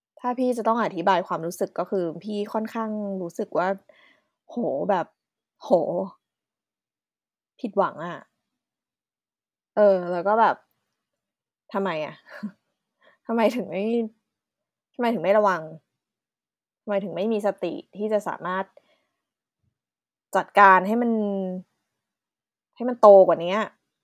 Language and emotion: Thai, frustrated